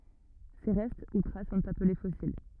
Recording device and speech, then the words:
rigid in-ear microphone, read sentence
Ces restes ou traces sont appelés fossiles.

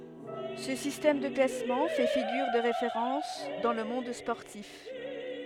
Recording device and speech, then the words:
headset microphone, read sentence
Ce système de classement fait figure de référence dans le monde sportif.

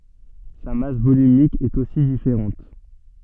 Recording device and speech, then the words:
soft in-ear microphone, read sentence
Sa masse volumique est aussi différente.

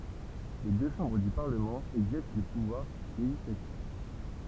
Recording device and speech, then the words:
temple vibration pickup, read sentence
Les deux chambres du Parlement exercent le pouvoir législatif.

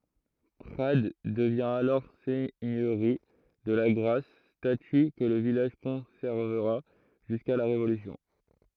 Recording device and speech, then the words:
throat microphone, read sentence
Prades devient alors seigneurie de Lagrasse, statut que le village conservera jusqu'à la Révolution.

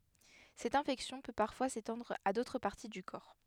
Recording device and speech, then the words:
headset microphone, read sentence
Cette infection peut parfois s'étendre à d'autres parties du corps.

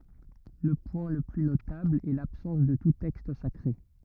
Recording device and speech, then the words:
rigid in-ear microphone, read sentence
Le point le plus notable est l'absence de tout texte sacré.

